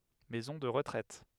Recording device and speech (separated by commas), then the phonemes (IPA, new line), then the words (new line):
headset microphone, read sentence
mɛzɔ̃ də ʁətʁɛt
Maison de retraite.